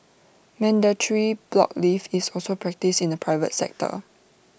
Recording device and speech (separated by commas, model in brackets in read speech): boundary microphone (BM630), read sentence